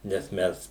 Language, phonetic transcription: Lithuanian, nes ˈmes

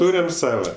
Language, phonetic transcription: Lithuanian, ˈtūriam ˈsava

